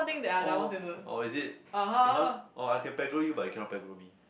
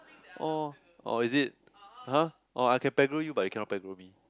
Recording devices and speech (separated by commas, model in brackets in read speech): boundary microphone, close-talking microphone, conversation in the same room